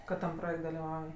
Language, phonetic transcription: Lithuanian, kad tam ˈprojekt' daliˈvauj

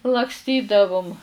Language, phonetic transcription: Lithuanian, lakˈstydavum

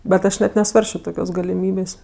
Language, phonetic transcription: Lithuanian, bet ˈaš net neˈsvarsčio ˈtokios galiˈmybės'

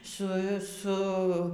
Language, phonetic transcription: Lithuanian, ˈsu ˈsu

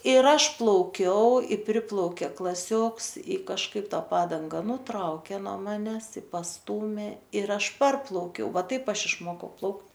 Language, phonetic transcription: Lithuanian, ir ˈaš plauˈkiau i ˈpriplaukė klaˈsioks i kažˈkaip ˈta ˈpadanga nuˈtraukė no ˈmanes i pasˈtūmė ir ˈaš ˈparplaukiau ˈva ˈtaip ˈaš išˈmokau ˈplaukt

